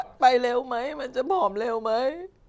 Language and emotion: Thai, sad